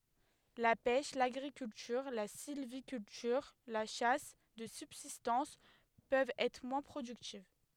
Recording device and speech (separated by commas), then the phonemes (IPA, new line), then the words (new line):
headset microphone, read sentence
la pɛʃ laɡʁikyltyʁ la silvikyltyʁ la ʃas də sybzistɑ̃s pøvt ɛtʁ mwɛ̃ pʁodyktiv
La pêche, l'agriculture, la sylviculture, la chasse de subsistance peuvent être moins productives.